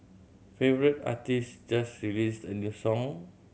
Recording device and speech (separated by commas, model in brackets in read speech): mobile phone (Samsung C7100), read sentence